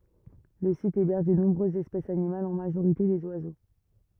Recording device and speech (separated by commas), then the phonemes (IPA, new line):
rigid in-ear microphone, read sentence
lə sit ebɛʁʒ də nɔ̃bʁøzz ɛspɛsz animalz ɑ̃ maʒoʁite dez wazo